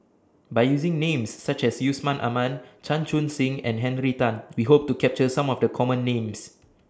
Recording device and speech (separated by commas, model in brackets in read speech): standing microphone (AKG C214), read sentence